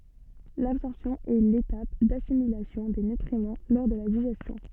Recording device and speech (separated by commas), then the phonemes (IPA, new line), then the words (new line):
soft in-ear microphone, read sentence
labsɔʁpsjɔ̃ ɛ letap dasimilasjɔ̃ de nytʁimɑ̃ lɔʁ də la diʒɛstjɔ̃
L'absorption est l'étape d'assimilation des nutriments lors de la digestion.